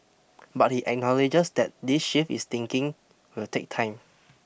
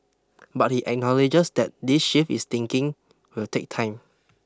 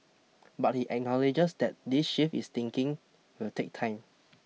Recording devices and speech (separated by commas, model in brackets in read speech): boundary microphone (BM630), close-talking microphone (WH20), mobile phone (iPhone 6), read sentence